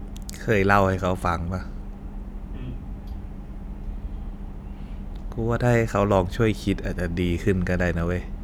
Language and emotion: Thai, frustrated